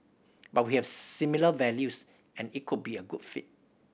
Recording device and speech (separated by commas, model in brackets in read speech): boundary microphone (BM630), read sentence